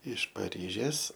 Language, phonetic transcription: Lithuanian, iš paˈryžės

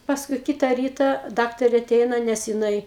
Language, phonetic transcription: Lithuanian, pasˈkui ˈkita ˈryta ˈdaktarė aˈteina nes jiˈnai

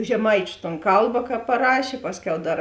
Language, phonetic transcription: Lithuanian, žeˈmaičiu ton ˈkalba ka paˈrašė ˈpasˌkiau ˈdar

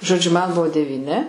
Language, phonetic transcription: Lithuanian, žoˈdžiu man ˈbuvo devyˈni

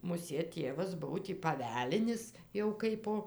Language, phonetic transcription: Lithuanian, muˈsėt ˈtėvas ˈbuvo tį paˈvelinis jau ˈkaipo

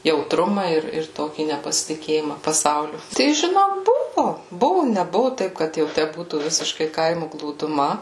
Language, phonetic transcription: Lithuanian, jautˈruma ir ir ˈtokį nepasitiˈkėjima paˈsauliu tai žiˈnok ˈbuvu ˈbuvu neˈbuvu ˈtaip kad jau ˈtæ ˈbūtų ˈvisiškai ˈkaimu glūduˈma

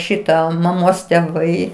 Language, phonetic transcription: Lithuanian, ˈšitą maˈmos teˈvai

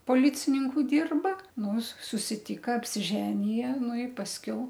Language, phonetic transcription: Lithuanian, poˈlicininku ˈdirba nus susiˈtyka apsiˈženija ˈnu i pasˈkiau

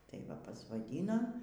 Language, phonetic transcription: Lithuanian, tai ˈva pasvaˈdyno

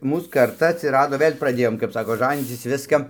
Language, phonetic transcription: Lithuanian, ˈmūs karˈta atsiˈrado ˈvɘl' praˈdėjom kap ˈsako ˈžanycis ˈviska

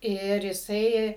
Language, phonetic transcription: Lithuanian, ˈir jiˈsai

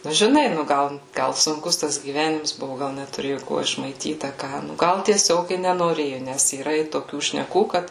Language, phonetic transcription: Lithuanian, nu žiˈnai ˈnu ˈgal ˈgal sunˈkus tas gyˈvenims ˈbuvu ˈgal netuˈrėju ˈkuo išmaiˈtyt a ˈką ˈnu ˈgal tieˈsiog i nenoˈrėju ˈnes yˈra i toˈkių šneˈkų ˈkad

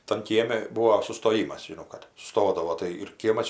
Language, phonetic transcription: Lithuanian, tan ˈkiemi ˈbūo sustoˈjymas žiˈnau kad suˈstodavo tai ir ˈkiemas iš

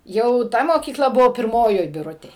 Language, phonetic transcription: Lithuanian, ˈjau ˈta mokyˈkla ˈbuvo pirˈmojoj biˈrutėj

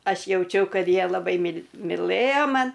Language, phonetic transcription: Lithuanian, ˈaš jauˈčiau ˈkad ˈjie laˈbai mil miˈlɘja ˈman

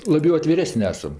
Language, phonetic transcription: Lithuanian, laˈbiau atviˈresən' ˈesam

